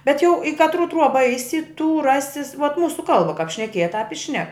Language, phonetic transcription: Lithuanian, bet jau i katˈrų ˈtruoba ˈeisi tų ˈrasis vot ˈmūsu ˈkalba kap šneˈkieja tāp i šnek

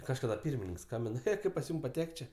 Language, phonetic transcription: Lithuanian, ˈkažkada ˈpyrminink ˈskambin ˈchė ˈkaip pas ˈjūm paˈtek't' ˈčė

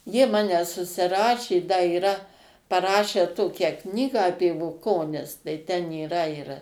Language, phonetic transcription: Lithuanian, jie ˈmane susiˈrašė da yˈra paˈrašę ˈtokią ˈknygą ˈapie buˈkonis tai ˈten yˈra ir

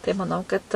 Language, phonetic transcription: Lithuanian, tai maˈnau kad

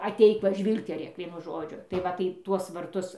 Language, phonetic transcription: Lithuanian, aˈteik ˈva ˈžvylgterėk ˈvienu ˈžodžiu tai ˈva tai ˈtuos varˈtus

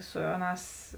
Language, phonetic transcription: Lithuanian, ˈsu aˌnās

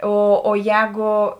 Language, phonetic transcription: Lithuanian, ˈo o ˈjēgo

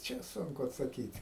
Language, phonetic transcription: Lithuanian, ˈčia ˈsunku atsaˈkyt'

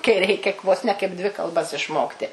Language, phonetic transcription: Lithuanian, kai ˈreikia vos ne kaip ˈdvi kalˈbas išˈmokti

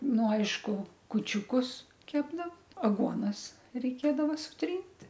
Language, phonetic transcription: Lithuanian, ˈnu ˈaišku kučiūˈkus ˈkepdavo aˈguonas reiˈkėdava suˈtrynt'

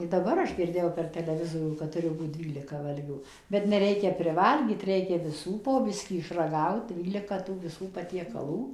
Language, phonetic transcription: Lithuanian, i daˈbar ˈaš girˈdėjau per teleˈvizorių kad ˈturi ˈbūt ˈdvylika ˈvalgiu bet neˈreikia priˈvalgyt ˈreikia viˈsų po ˈbiskį išraˈgaut ˈdvylika ˈtų viˈsų patiekaˈlų

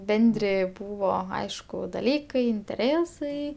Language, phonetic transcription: Lithuanian, ˈbendri ˈbūvo ˈaišku daˈlykai inteˈrėsai

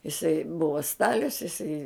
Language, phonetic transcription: Lithuanian, iˈsai ˈbuva ˈstalius iˈsai

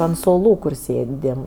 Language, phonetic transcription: Lithuanian, ant suoˈlų ˈkur ˈsėˌdim

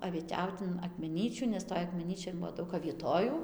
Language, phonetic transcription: Lithuanian, avieˈtiaut in akmeˈnyčių nes ˈtoj akmeˈnyčioj ˈbuvo ˈdaug avieˈtojų

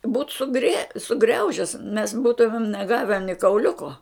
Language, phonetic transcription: Lithuanian, būt suˈgrie suˈgriaužes mes ˈbūtumim neˈgave ni kauˈliuko

